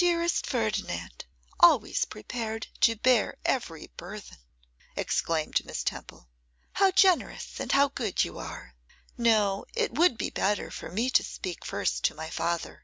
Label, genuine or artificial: genuine